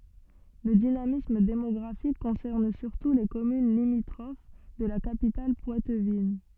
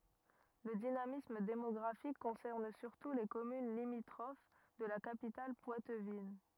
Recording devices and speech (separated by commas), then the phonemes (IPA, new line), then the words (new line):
soft in-ear microphone, rigid in-ear microphone, read sentence
lə dinamism demɔɡʁafik kɔ̃sɛʁn syʁtu le kɔmyn limitʁof də la kapital pwatvin
Le dynamisme démographique concerne surtout les communes limitrophes de la capitale poitevine.